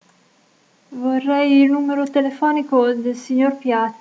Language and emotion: Italian, fearful